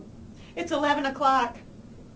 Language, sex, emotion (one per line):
English
female
happy